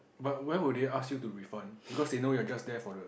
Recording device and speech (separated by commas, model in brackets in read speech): boundary microphone, conversation in the same room